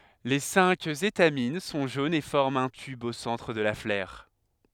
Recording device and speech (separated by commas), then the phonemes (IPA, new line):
headset microphone, read sentence
le sɛ̃k etamin sɔ̃ ʒonz e fɔʁmt œ̃ tyb o sɑ̃tʁ də la flœʁ